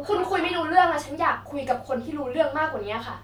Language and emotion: Thai, frustrated